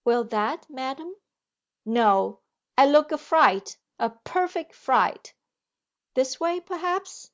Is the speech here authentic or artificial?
authentic